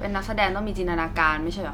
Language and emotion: Thai, frustrated